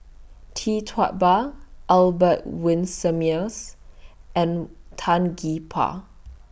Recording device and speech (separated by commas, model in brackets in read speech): boundary microphone (BM630), read sentence